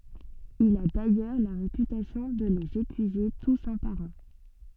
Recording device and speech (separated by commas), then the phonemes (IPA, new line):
soft in-ear microphone, read sentence
il a dajœʁ la ʁepytasjɔ̃ də lez epyize tus œ̃ paʁ œ̃